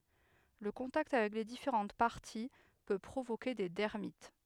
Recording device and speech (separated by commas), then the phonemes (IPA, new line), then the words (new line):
headset microphone, read sentence
lə kɔ̃takt avɛk le difeʁɑ̃t paʁti pø pʁovoke de dɛʁmit
Le contact avec les différentes parties peut provoquer des dermites.